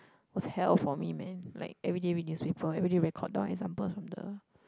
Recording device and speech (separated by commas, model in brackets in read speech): close-talking microphone, conversation in the same room